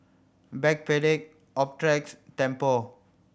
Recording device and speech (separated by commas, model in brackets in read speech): boundary microphone (BM630), read sentence